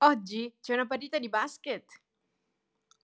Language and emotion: Italian, happy